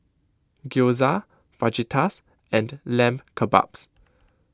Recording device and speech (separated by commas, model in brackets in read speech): close-talking microphone (WH20), read sentence